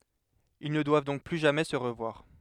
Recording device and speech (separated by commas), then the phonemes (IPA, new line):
headset microphone, read sentence
il nə dwav dɔ̃k ply ʒamɛ sə ʁəvwaʁ